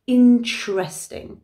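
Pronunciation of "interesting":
In 'interesting', the e between the t and the r is silent, and the t and r together make a chr sound.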